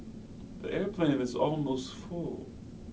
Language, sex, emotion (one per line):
English
male
sad